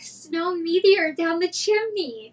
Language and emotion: English, happy